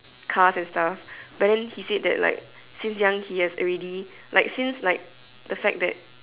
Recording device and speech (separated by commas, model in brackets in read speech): telephone, conversation in separate rooms